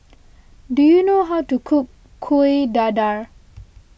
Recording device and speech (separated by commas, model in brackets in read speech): boundary microphone (BM630), read sentence